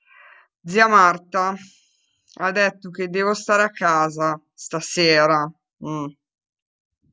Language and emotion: Italian, angry